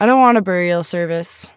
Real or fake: real